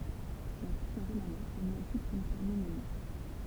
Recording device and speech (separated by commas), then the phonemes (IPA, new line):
temple vibration pickup, read sentence
la fiksjɔ̃ ʁomanɛsk ni ɔkyp kyn paʁ minim